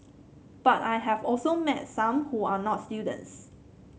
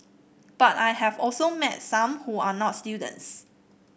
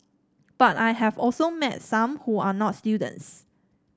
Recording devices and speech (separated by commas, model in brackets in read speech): mobile phone (Samsung C7), boundary microphone (BM630), standing microphone (AKG C214), read sentence